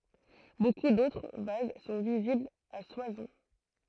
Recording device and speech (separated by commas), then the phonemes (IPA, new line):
throat microphone, read sentence
boku dotʁ vaz sɔ̃ viziblz a swasɔ̃